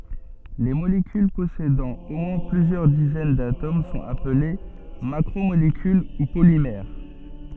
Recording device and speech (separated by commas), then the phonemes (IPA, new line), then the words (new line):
soft in-ear microphone, read sentence
le molekyl pɔsedɑ̃ o mwɛ̃ plyzjœʁ dizɛn datom sɔ̃t aple makʁomolekyl u polimɛʁ
Les molécules possédant au moins plusieurs dizaines d'atomes sont appelées macromolécules ou polymères.